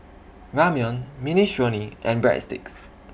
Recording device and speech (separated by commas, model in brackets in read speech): boundary microphone (BM630), read sentence